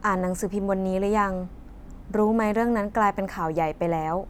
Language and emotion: Thai, neutral